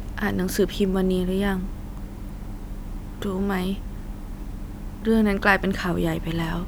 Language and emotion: Thai, sad